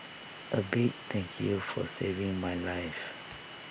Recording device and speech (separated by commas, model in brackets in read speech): boundary microphone (BM630), read sentence